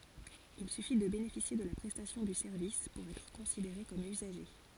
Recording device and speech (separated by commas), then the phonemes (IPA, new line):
forehead accelerometer, read sentence
il syfi də benefisje də la pʁɛstasjɔ̃ dy sɛʁvis puʁ ɛtʁ kɔ̃sideʁe kɔm yzaʒe